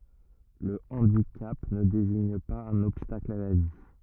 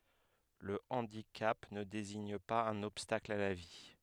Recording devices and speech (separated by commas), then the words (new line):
rigid in-ear microphone, headset microphone, read sentence
Le handicap ne désigne pas un obstacle à la vie.